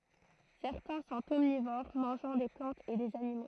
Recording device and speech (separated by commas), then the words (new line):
throat microphone, read sentence
Certains sont omnivores, mangeant des plantes et des animaux.